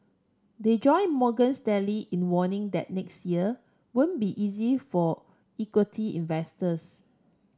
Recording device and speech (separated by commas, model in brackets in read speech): standing microphone (AKG C214), read sentence